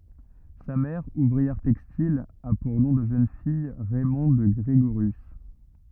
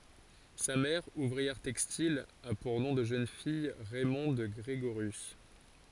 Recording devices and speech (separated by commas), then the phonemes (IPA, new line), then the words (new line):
rigid in-ear microphone, forehead accelerometer, read sentence
sa mɛʁ uvʁiɛʁ tɛkstil a puʁ nɔ̃ də ʒøn fij ʁɛmɔ̃d ɡʁeɡoʁjys
Sa mère, ouvrière textile, a pour nom de jeune fille Raymonde Grégorius.